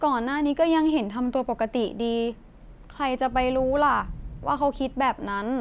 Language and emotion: Thai, frustrated